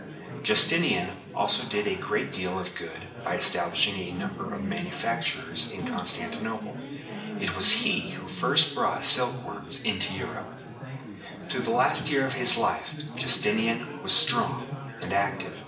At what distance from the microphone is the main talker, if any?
1.8 m.